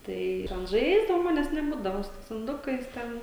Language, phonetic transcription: Lithuanian, ˈtai ir an ˈžaisdavau ˈmanes neˈbūdavo su ˈtais inˈdukais ˈten

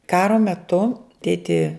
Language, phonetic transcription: Lithuanian, ˈkaro meˈtu ˈtėti

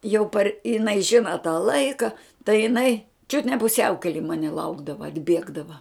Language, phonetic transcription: Lithuanian, jau par iˈnai ˈžina tą ˈlaika tai jiˈnai čiut ne puˈsiaukeli ˈmani ˈlaukdava atˈbiegdava

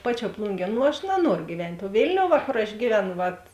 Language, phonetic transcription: Lithuanian, ˈpaˌčiuo ˈplungie ˈnu aš naˈnuoru gyˈvent' o ˈvėlniou ˈva kor aš ˈgyveˌnu ˈvat

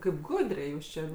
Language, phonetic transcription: Lithuanian, ˈkaip ˈgudriai ˈjūs čia

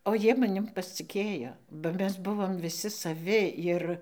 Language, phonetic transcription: Lithuanian, o ˈjie maˈnim pasciˈkėjo ba ˈmes ˈbuvom viˈsi saˈvi ˈir

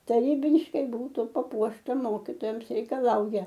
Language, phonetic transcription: Lithuanian, taˈrybiškai ˈbūtu paˈpuošta ˈmokytojams reikaˈlauja

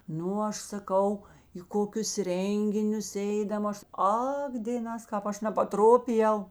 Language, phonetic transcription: Lithuanian, ˈnu ˈaš saˈkau į ˈkokius ˈrenginius ˈeidam ˈaš ˈak dėˈnās ˈkāp ˈaš nepaˈtropijau

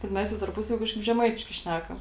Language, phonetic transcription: Lithuanian, bet ˈmes jau tarˈpusavy ˈkažkaip žeˈmaitiškai ˈšnækam

